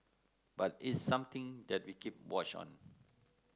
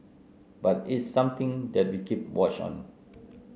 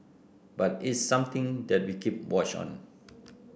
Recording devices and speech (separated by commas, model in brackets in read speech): close-talking microphone (WH30), mobile phone (Samsung C9), boundary microphone (BM630), read sentence